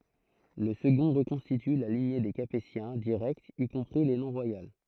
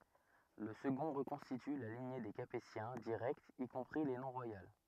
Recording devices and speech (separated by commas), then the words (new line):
throat microphone, rigid in-ear microphone, read sentence
Le second reconstitue la lignée des Capétiens directs y compris les non royales.